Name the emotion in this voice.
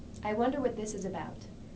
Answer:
neutral